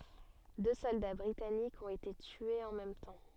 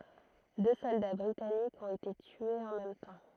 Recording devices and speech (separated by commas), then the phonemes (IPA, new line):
soft in-ear microphone, throat microphone, read sentence
dø sɔlda bʁitanikz ɔ̃t ete tyez ɑ̃ mɛm tɑ̃